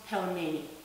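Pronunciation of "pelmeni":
'Pelmeni' is pronounced the English way here, with an ordinary L rather than the soft L used in Russian.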